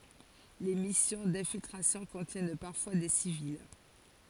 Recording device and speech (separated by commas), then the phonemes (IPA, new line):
forehead accelerometer, read sentence
le misjɔ̃ dɛ̃filtʁasjɔ̃ kɔ̃tjɛn paʁfwa de sivil